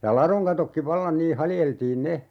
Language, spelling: Finnish, ja ladon katotkin vallan niin haljeltiin ne
- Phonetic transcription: ja "laroŋ katokki 'vallan 'nii 'haljeltiin "ne .

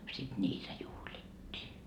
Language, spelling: Finnish, sitten niitä juhlittiin
- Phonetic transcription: sit 'ńiitä juhlittii .

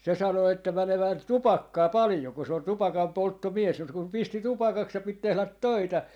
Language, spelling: Finnish, se sanoi että menee tupakkaa paljon kun se on tupakanpolttomies mutta kun pisti tupakaksi ja piti tehdä töitä
- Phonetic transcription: 'se 'sano että 'mänevää "tupakkaa 'palⁱjo ku se on 'tupakampoltto'mies mut kum 'pisti "tupakaks ja 'pit 'tehlät "töitä .

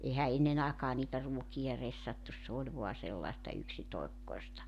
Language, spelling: Finnish, eihän ennen aikaan niitä ruokia ressattu se oli vain sellaista yksitoikkoista
- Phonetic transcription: 'ehä 'ennen ‿àekaa niitä 'ruoki₍a 'ressattus 's ‿ooĺ vo̭a sellaᵉsta 'yksitoekkoesta .

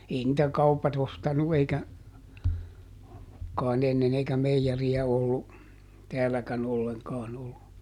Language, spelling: Finnish, ei niitä kaupat ostanut eikä kai ennen eikä meijeriä ollut täälläkään ollenkaan ollut
- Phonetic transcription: ˈei nⁱtä ˈkaupat ‿ostanu eikä , kàiˈn ‿ennen ‿eikä "meijeri₍ä ollu , ˈtɛälläkän ˈolleŋkaan ollu .

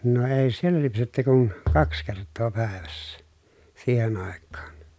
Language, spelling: Finnish, no ei siellä lypsetty kuin kaksi kertaa päivässä siihen aikaan
- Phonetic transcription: no èi̮ siel̀ä lypsetty kun , kaks kert̆too pä̀evässä , siihen ‿àekkaan .

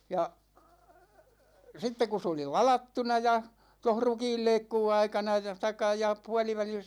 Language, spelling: Finnish, ja sitten kun se oli ladattuna ja tuossa rukiinleikkuuaikana ja tai ja puolivälissä
- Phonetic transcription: 'ja , 'sitte ku s ‿oli "lalattuna ja , toh 'rukiilleikkuu'₍aikana (ja) , (taikka ja) 'pualivälis ,.

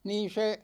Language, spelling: Finnish, niin se
- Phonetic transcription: 'niin̬ se ,.

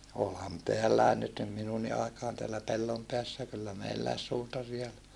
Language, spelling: Finnish, olihan täälläkin nyt niin minunkin aikaan täällä Pellonpäässä kyllä meilläkin suutari oli
- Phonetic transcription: olham teälläe nyt nim minunni aikaan teällä Pellompeässä kyllä meilläis suutari ol .

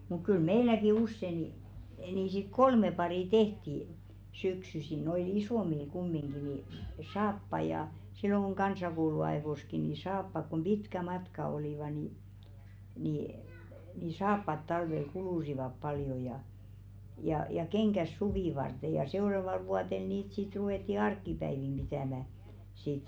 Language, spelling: Finnish, mutta kyllä meilläkin usein niin niin sitten kolme paria tehtiin syksyisin noille isommille kumminkin niin saappaita ja silloin kun kansakouluajoissakin niin saappaat kun pitkät matkat olivat niin niin niin saappaat talvella kuluivat paljon ja ja ja kengät suvea varten ja seuraavalla vuotena niitä sitten ruvettiin arkipäivinä pitämään sitten
- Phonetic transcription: muk kyl 'meiläki "usse ni , nì sit "kolme parì 'tehti , 'syksysi noi"l ‿isòmil kummiŋɢi ni , 'saappaĭ ja , silloŋ ɢu̬ŋ 'ɢansakoulu₍aḙvoski ni "saappak kom "ʙitkä 'matka olìva ni , nì , ni 'saappat 'talvel "kulùsivap paljo jà , ja ja "keŋkäs 'suvì varte ja 'seu̬ràval̳§ 'vuaten̳§ niit sit 'ruvètti "ark̆kipäivim 'ʙitä̀mä , sit .

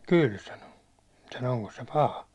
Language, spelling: Finnish, kyllä sanoi sanoi onkos se paha
- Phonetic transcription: » 'kyl « sano , sano » oŋkos se "paha ? «

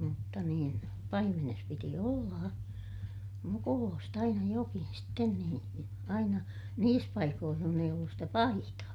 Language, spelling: Finnish, mutta niin paimenessa piti olla mukuloista aina jokin sitten niin aina niissä paikoin jossa ei ollut sitä - aitaa
- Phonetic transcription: mutta niin , paimenes piti ollaa- , mukuloost ‿aina jokin sten niin , aina , niis paikooh john ‿eij ‿ollus stä pa - aitaa .

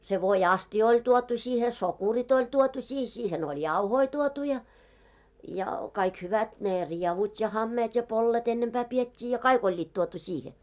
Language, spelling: Finnish, se voiastia oli tuotu siihen sokerit oli tuotu siihen siihen oli jauhoja tuotu ja ja kaikki hyvät ne rievut ja hameet ja pollet ennempää pidettiin ja kaikki olivat tuotu siihen
- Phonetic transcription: se 'voi₍"astijᵃ ‿oĺ tuotu siihe , "sokurit ‿oĺ 'tuotu siih , siihen ‿oĺ "jauhoi tuotu ja , ja kaik 'hyvät , 'nè 'riɛvut ja 'hammeet ja 'pollet ennempää 'piet́t́ii ja 'kai'k ‿oĺĺiit tuotu 'siihe .

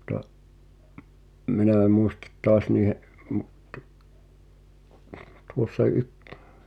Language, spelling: Finnish, mutta minä en muista taas niiden - - tuossa -
- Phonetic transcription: [mut]ta , 'minä e mùistᴀt "tɔas niihe’ , mu- , -t , tuossa 'yk- ,.

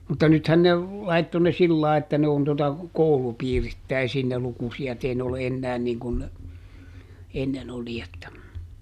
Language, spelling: Finnish, mutta nythän ne laittoi ne sillä lailla että ne on tuota koulupiirittäisiin ne lukusijat ei ne ole enää niin kuin ne ennen oli että
- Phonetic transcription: mutta ˈnythän ne , ˈlaitto ne ˈsillàe että ne on tota , ˈkoulupiirittäisiin ne ˈlukusi₍at - ˈei ne ole ˈennään niiŋ kun ne , ˈennen ‿oli että ,.

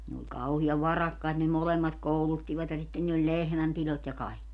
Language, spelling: Finnish, ne oli kauhean varakkaita ne molemmat kouluttivat ja sitten niillä oli lehmänpidot ja kaikki
- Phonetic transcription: ne oĺ 'kauhi₍av "varakkait ne "molemmat 'kouluttivat 'ja sitten niill ‿oĺ "lehmämpilot ja 'kai̮kki .

